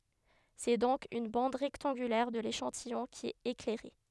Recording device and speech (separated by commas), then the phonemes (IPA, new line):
headset microphone, read sentence
sɛ dɔ̃k yn bɑ̃d ʁɛktɑ̃ɡylɛʁ də leʃɑ̃tijɔ̃ ki ɛt eklɛʁe